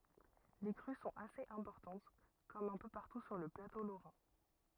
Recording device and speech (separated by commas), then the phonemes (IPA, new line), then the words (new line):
rigid in-ear microphone, read sentence
le kʁy sɔ̃t asez ɛ̃pɔʁtɑ̃t kɔm œ̃ pø paʁtu syʁ lə plato loʁɛ̃
Les crues sont assez importantes comme un peu partout sur le plateau lorrain.